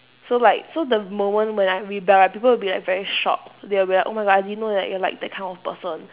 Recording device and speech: telephone, conversation in separate rooms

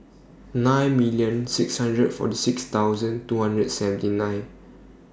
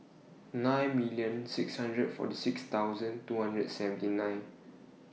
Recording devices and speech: standing microphone (AKG C214), mobile phone (iPhone 6), read sentence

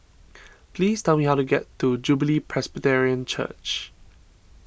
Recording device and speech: boundary microphone (BM630), read sentence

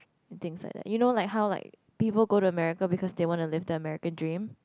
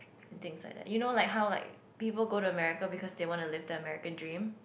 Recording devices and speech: close-talking microphone, boundary microphone, conversation in the same room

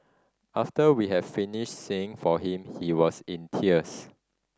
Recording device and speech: standing microphone (AKG C214), read sentence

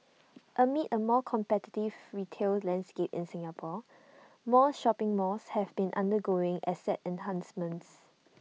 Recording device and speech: mobile phone (iPhone 6), read sentence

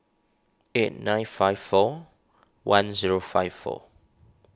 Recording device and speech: standing microphone (AKG C214), read sentence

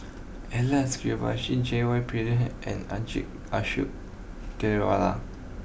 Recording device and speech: boundary microphone (BM630), read sentence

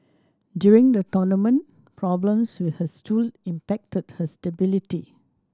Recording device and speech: standing microphone (AKG C214), read sentence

